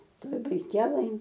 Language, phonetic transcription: Lithuanian, ˈtoj baiˈkelɘj

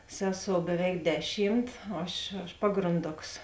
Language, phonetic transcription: Lithuanian, ˈseˌsou beˈveik ˈdeˌšymt ˈaš aš ˈpagranˌdoks

